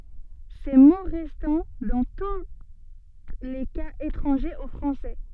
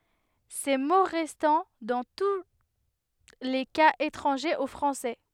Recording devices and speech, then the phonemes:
soft in-ear microphone, headset microphone, read sentence
se mo ʁɛstɑ̃ dɑ̃ tu le kaz etʁɑ̃ʒez o fʁɑ̃sɛ

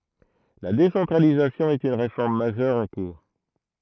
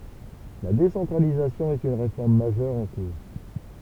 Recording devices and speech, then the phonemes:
throat microphone, temple vibration pickup, read sentence
la desɑ̃tʁalizasjɔ̃ ɛt yn ʁefɔʁm maʒœʁ ɑ̃ kuʁ

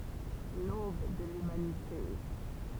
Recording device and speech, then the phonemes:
temple vibration pickup, read sentence
lob də lymanite

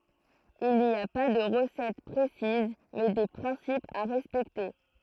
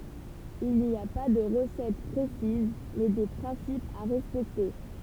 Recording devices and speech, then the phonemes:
throat microphone, temple vibration pickup, read sentence
il ni a pa də ʁəsɛt pʁesiz mɛ de pʁɛ̃sipz a ʁɛspɛkte

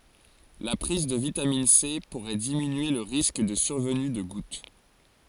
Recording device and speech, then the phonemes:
forehead accelerometer, read sentence
la pʁiz də vitamin se puʁɛ diminye lə ʁisk də syʁvəny də ɡut

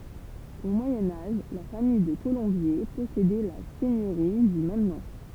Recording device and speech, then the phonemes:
temple vibration pickup, read sentence
o mwajɛ̃ aʒ la famij də kolɔ̃bje pɔsedɛ la sɛɲøʁi dy mɛm nɔ̃

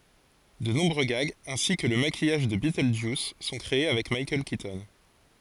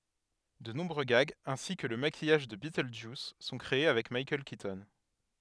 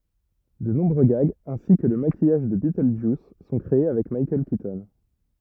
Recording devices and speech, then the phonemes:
forehead accelerometer, headset microphone, rigid in-ear microphone, read sentence
də nɔ̃bʁø ɡaɡz ɛ̃si kə lə makijaʒ də bitøldʒjus sɔ̃ kʁee avɛk mikaɛl kitɔn

